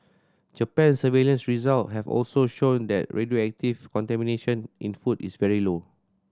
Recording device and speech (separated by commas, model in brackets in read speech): standing microphone (AKG C214), read sentence